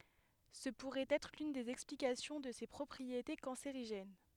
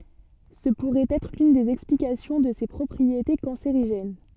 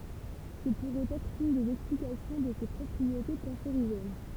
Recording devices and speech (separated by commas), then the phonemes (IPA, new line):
headset microphone, soft in-ear microphone, temple vibration pickup, read sentence
sə puʁɛt ɛtʁ lyn dez ɛksplikasjɔ̃ də se pʁɔpʁiete kɑ̃seʁiʒɛn